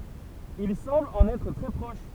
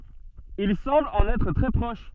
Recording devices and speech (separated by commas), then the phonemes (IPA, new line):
temple vibration pickup, soft in-ear microphone, read sentence
il sɑ̃bl ɑ̃n ɛtʁ tʁɛ pʁɔʃ